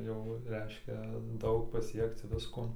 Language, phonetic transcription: Lithuanian, jau ˈreiškia ˈdaug paˈsiekc ˈvisko

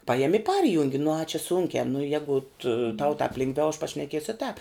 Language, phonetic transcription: Lithuanian, ˈpajemi i ˈparjungi nu a čia ˈsunkiā nu ˈjegut tau tāp ˈlingˌviau aš pašneˈkiesiu i tāp

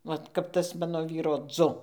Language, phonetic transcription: Lithuanian, ˈvat kap ˈtas ˈmano ˈvyro ˈdzu

